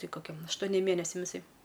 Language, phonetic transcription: Lithuanian, ˈtai koˈkem aštoˈnėm ˈmėnesiam iˈsai

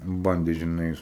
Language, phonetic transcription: Lithuanian, ˈbandė žiˈnai

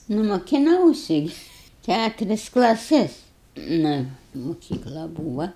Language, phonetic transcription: Lithuanian, ˈnu mokiˈnausi gi ˈkæturis klaˈsis nu muˈkykla ˈbūva

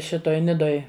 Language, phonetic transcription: Lithuanian, ˈšitoj ˈnidoj

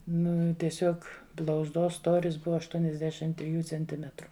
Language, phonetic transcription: Lithuanian, ˈnu tieˈsiuog blauzˈdos ˈstoris ˈbuva aštuoniasˈdešim triˈjų cenˈtimetru

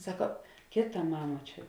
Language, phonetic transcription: Lithuanian, ˈsako ˈkėˌta ˈmama ˈčia

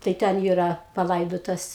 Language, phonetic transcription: Lithuanian, tai ˈten ˈyra paˈlaidotas

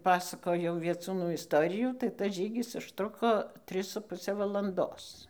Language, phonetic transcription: Lithuanian, ˈpasakojau vieˈcūnų isˈtorijų tai tas ˈžygis užˈtruko ˈtris su ˈpuse valanˈdos

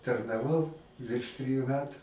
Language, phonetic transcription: Lithuanian, tarnaˈvau virš ˈtryju ˈmetu

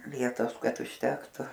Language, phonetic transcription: Lithuanian, ˈvietos ˈkad užˈtektu

